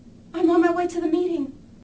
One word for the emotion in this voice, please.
fearful